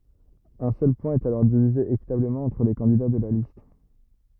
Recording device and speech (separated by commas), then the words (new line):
rigid in-ear microphone, read sentence
Un seul point est alors divisé équitablement entre les candidats de la liste.